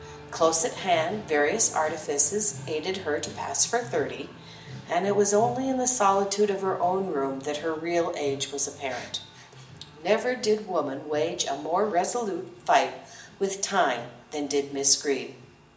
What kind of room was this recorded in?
A big room.